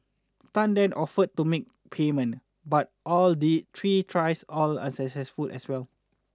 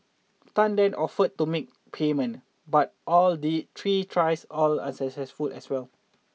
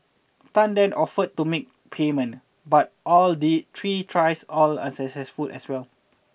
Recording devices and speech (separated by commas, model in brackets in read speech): standing microphone (AKG C214), mobile phone (iPhone 6), boundary microphone (BM630), read sentence